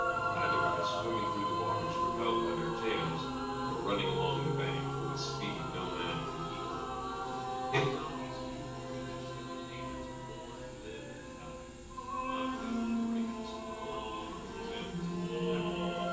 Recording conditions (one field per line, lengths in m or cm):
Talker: one person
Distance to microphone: 9.8 m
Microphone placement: far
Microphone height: 1.8 m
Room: large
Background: music